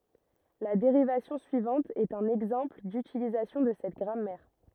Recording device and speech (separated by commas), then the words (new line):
rigid in-ear microphone, read sentence
La dérivation suivante est un exemple d'utilisation de cette grammaire.